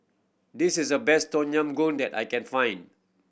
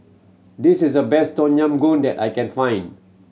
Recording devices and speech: boundary microphone (BM630), mobile phone (Samsung C7100), read sentence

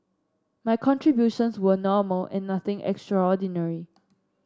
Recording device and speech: standing microphone (AKG C214), read sentence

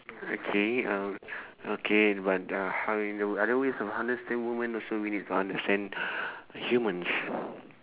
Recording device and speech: telephone, conversation in separate rooms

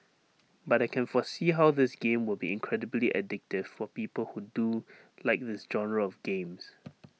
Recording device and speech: mobile phone (iPhone 6), read sentence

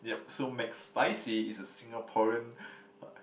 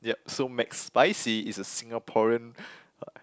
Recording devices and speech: boundary microphone, close-talking microphone, conversation in the same room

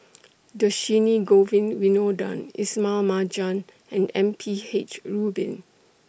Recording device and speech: boundary microphone (BM630), read sentence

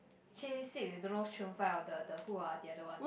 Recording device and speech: boundary microphone, conversation in the same room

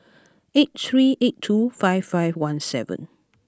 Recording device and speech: close-talking microphone (WH20), read sentence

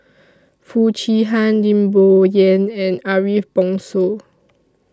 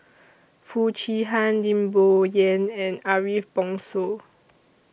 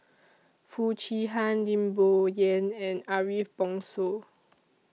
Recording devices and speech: standing microphone (AKG C214), boundary microphone (BM630), mobile phone (iPhone 6), read sentence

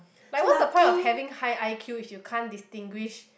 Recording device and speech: boundary microphone, conversation in the same room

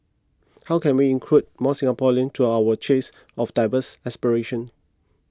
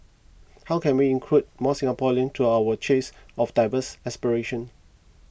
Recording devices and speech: close-talking microphone (WH20), boundary microphone (BM630), read sentence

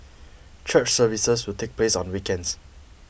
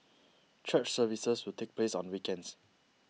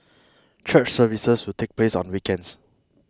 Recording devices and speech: boundary microphone (BM630), mobile phone (iPhone 6), close-talking microphone (WH20), read sentence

